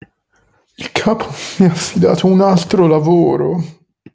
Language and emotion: Italian, sad